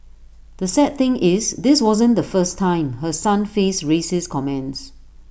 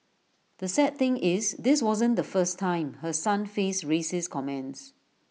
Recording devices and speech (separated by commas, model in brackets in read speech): boundary microphone (BM630), mobile phone (iPhone 6), read sentence